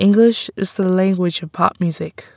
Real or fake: real